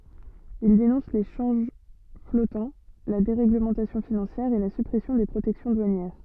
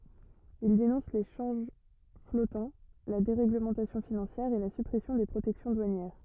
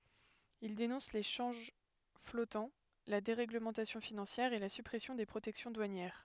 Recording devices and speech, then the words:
soft in-ear microphone, rigid in-ear microphone, headset microphone, read sentence
Il dénonce les changes flottants, la déréglementation financière, et la suppression des protections douanières.

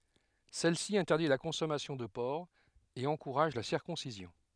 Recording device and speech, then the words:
headset microphone, read sentence
Celle-ci interdit la consommation de porc, et encourage la circoncision.

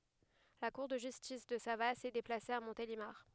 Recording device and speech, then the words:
headset microphone, read sentence
La cour de justice de Savasse est déplacée à Montélimar.

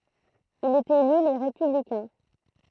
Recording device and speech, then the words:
throat microphone, read sentence
Il est élu Les Républicains.

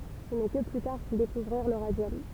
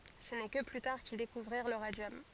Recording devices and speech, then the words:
temple vibration pickup, forehead accelerometer, read sentence
Ce n'est que plus tard qu'ils découvrirent le radium.

